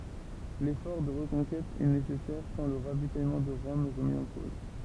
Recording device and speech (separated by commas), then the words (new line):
temple vibration pickup, read sentence
L’effort de reconquête est nécessaire tant le ravitaillement de Rome est remis en cause.